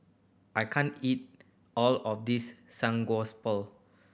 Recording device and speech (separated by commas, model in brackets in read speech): boundary microphone (BM630), read sentence